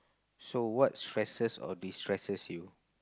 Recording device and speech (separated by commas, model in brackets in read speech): close-talking microphone, conversation in the same room